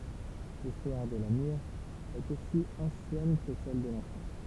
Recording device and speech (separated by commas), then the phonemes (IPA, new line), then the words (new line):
temple vibration pickup, read sentence
listwaʁ də la miʁ ɛt osi ɑ̃sjɛn kə sɛl də lɑ̃sɑ̃
L'histoire de la myrrhe est aussi ancienne que celle de l'encens.